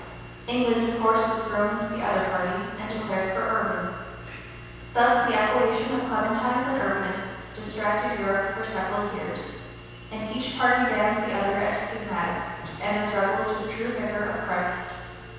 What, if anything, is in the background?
Nothing.